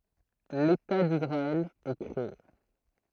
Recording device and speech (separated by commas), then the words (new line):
throat microphone, read sentence
L'État d’Israël est créé.